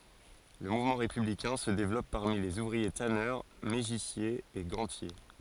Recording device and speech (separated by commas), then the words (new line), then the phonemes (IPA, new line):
forehead accelerometer, read sentence
Le mouvement républicain se développe parmi les ouvriers tanneurs, mégissiers et gantiers.
lə muvmɑ̃ ʁepyblikɛ̃ sə devlɔp paʁmi lez uvʁie tanœʁ meʒisjez e ɡɑ̃tje